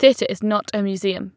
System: none